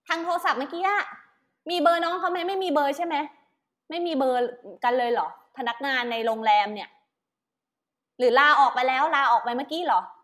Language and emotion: Thai, frustrated